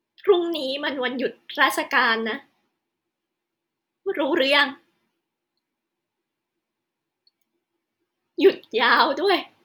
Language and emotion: Thai, sad